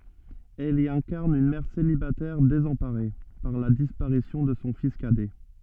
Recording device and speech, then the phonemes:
soft in-ear microphone, read sentence
ɛl i ɛ̃kaʁn yn mɛʁ selibatɛʁ dezɑ̃paʁe paʁ la dispaʁisjɔ̃ də sɔ̃ fis kadɛ

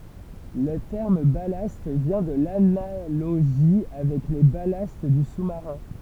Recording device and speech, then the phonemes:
temple vibration pickup, read sentence
lə tɛʁm balast vjɛ̃ də lanaloʒi avɛk le balast dy susmaʁɛ̃

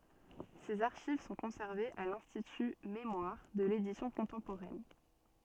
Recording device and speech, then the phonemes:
soft in-ear microphone, read sentence
sez aʁʃiv sɔ̃ kɔ̃sɛʁvez a lɛ̃stity memwaʁ də ledisjɔ̃ kɔ̃tɑ̃poʁɛn

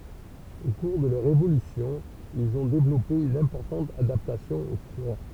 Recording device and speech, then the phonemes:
temple vibration pickup, read sentence
o kuʁ də lœʁ evolysjɔ̃ ilz ɔ̃ devlɔpe yn ɛ̃pɔʁtɑ̃t adaptasjɔ̃ o fʁwa

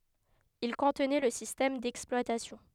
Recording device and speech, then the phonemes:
headset microphone, read sentence
il kɔ̃tnɛ lə sistɛm dɛksplwatasjɔ̃

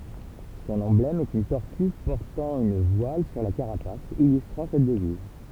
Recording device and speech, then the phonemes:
temple vibration pickup, read sentence
sɔ̃n ɑ̃blɛm ɛt yn tɔʁty pɔʁtɑ̃ yn vwal syʁ la kaʁapas ilystʁɑ̃ sɛt dəviz

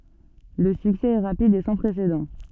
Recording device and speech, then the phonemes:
soft in-ear microphone, read sentence
lə syksɛ ɛ ʁapid e sɑ̃ pʁesedɑ̃

